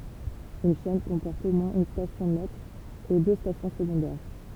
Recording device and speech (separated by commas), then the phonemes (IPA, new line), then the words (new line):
temple vibration pickup, read sentence
yn ʃɛn kɔ̃pɔʁt o mwɛ̃z yn stasjɔ̃ mɛtʁ e dø stasjɔ̃ səɡɔ̃dɛʁ
Une chaîne comporte au moins une station maître et deux stations secondaires.